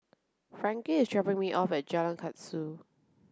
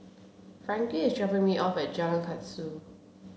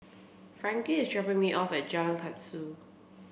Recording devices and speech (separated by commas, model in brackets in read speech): close-talking microphone (WH30), mobile phone (Samsung C7), boundary microphone (BM630), read sentence